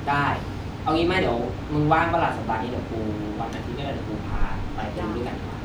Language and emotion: Thai, neutral